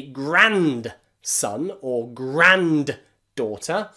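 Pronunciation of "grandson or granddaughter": In 'grandson' and 'granddaughter', the d at the end of 'grand' is pronounced, which is not how most people say these words.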